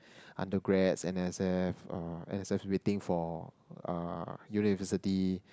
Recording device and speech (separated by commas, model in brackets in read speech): close-talking microphone, conversation in the same room